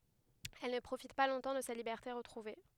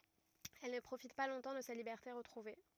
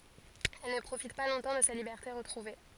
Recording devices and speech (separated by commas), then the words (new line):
headset microphone, rigid in-ear microphone, forehead accelerometer, read sentence
Elle ne profite pas longtemps de sa liberté retrouvée.